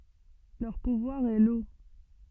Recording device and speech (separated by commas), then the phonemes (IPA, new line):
soft in-ear microphone, read sentence
lœʁ puvwaʁ ɛ lo